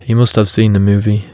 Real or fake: real